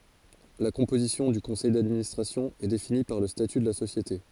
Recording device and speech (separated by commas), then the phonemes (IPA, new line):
forehead accelerometer, read sentence
la kɔ̃pozisjɔ̃ dy kɔ̃sɛj dadministʁasjɔ̃ ɛ defini paʁ lə staty də la sosjete